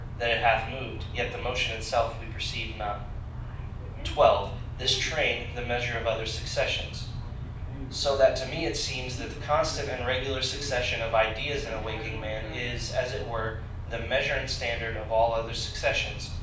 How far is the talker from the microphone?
5.8 m.